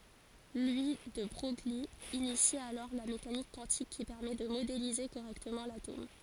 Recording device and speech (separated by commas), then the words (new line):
forehead accelerometer, read sentence
Louis de Broglie initie alors la mécanique quantique qui permet de modéliser correctement l'atome.